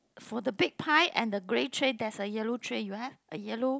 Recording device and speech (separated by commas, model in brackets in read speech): close-talking microphone, conversation in the same room